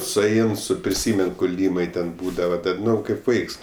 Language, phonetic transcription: Lithuanian, suˈein ˈsu priˈsymen kuˈlymai ten ˈbūdava ˈdar ˈnu ˈkaip ˈvaiks

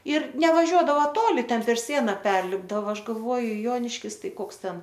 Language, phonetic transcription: Lithuanian, ir nevaˈžiuodavo ˈtoli ˈten per ˈsiena ˈperlipdava ˈaš galˈvoju ˈjoniškis ˈtai ˈkoks ˈten

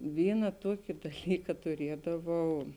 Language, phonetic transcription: Lithuanian, ˈvyna ˈtuoki daˈlyka tuˈriedavau

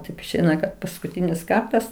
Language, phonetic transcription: Lithuanian, taip išˈeina kad paskuˈtynis ˈkartas

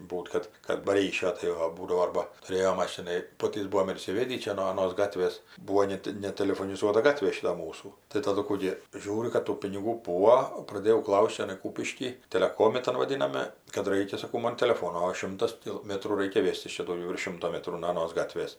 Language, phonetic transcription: Lithuanian, ˈbūt kad kad ba ˈryšio ˈtai o ˈbūdavo ˈarba tuˈrėjo ˈmašinai ˈpotys ˈbūom ir įsiˈvėdį ˈčia no aˈnos ˈgatvės ˈbūo ˈnet netelefoniˈzuota ˈgatvė ˈšita ˈmūsų tai taˈdu ˈkų gi ˈžiūriu kad ˈtų piniˈgų ˈbūo praˈdėjau ˈklaus't' čiaˈnai ˈkūpišky teleˈkomi ˈtan vaˈdiname kad ˈraikia saˈkau ˈman teleˈfono o ˈšimtas ti ˈmetrų ˈraikia ˈvėstis ˈčia dauˈgiau virš ˈšimto ˈmetrų no aˈnos ˈgatvės

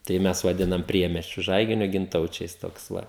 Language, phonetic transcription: Lithuanian, tai ˈmes vaˈdinam ˈpriemesčiu ˈžaiginio ginˈtaučiais ˈtoks ˈva

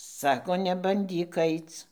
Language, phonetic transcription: Lithuanian, ˈsako nebanˈdyk ˈaic

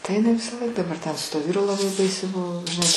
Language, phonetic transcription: Lithuanian, tai iˈnai visaˈlaik daˈbar ten su tuo ˈvyru laˈbai ˈbaisiai ˈbuvo žiˈnai

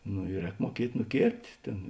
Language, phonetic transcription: Lithuanian, no i ˈrēk muoˈkiet' nuˈkėrpt' ˈtėn

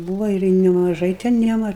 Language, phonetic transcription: Lithuanian, ˈbūva ir nemaˈžai ten ˈjiem ˈar

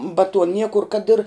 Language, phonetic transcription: Lithuanian, ba tuo ˈniekur kad ir

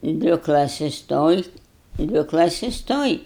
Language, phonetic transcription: Lithuanian, ˈdvi klaˈsis ˈtoj ˈdvi klaˈsis ˈtoj

